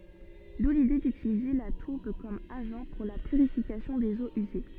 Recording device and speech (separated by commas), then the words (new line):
soft in-ear microphone, read sentence
D'où l'idée d'utiliser la tourbe comme agent pour la purification des eaux usées.